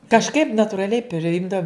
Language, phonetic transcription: Lithuanian, kažˈkaip naturaˈliai priˈjimdaum

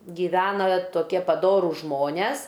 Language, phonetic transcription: Lithuanian, giˈvena toˈkie paˈdorūs ˈžmones

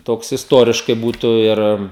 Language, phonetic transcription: Lithuanian, ˈtoks isˈtuoriškai ˈbūtu ˈir

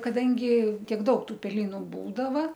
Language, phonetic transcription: Lithuanian, kaˈdangi ˈtiek ˈdaug ˈtų peˈlynu ˈbūdava

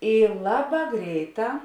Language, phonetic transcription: Lithuanian, ˈy ˈlaˌbā ˈgreiˌtā

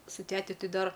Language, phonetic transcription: Lithuanian, su ˈteti ˈti ˈdar

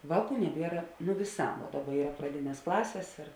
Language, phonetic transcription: Lithuanian, ˈvāˌkų neˈbiera nu viˈsā ˈdaˌba ˈyra praˈdinės ˈklasės ir

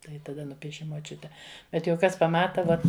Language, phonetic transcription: Lithuanian, ˈtai taˈda ˈnupieši moˈčiute bet jau ˈkas paˈmata ˈvot

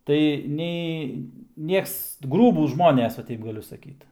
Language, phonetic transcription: Lithuanian, tai ˈnei ˈnieks ˈgrūbūs ˈžmones va ˈteip gaˈliu saˈkyt

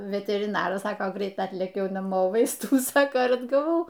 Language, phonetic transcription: Lithuanian, veteriˈnaras ˈsako ˈgreit ˈatlėkiau naˈmo ˈvaistų ˈnu ˈsaka ir atgaˈvau

